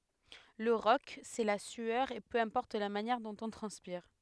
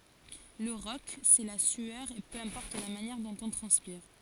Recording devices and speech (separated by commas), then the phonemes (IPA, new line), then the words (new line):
headset microphone, forehead accelerometer, read sentence
lə ʁɔk sɛ la syœʁ e pø ɛ̃pɔʁt la manjɛʁ dɔ̃t ɔ̃ tʁɑ̃spiʁ
Le rock, c'est la sueur et peu importe la manière dont on transpire.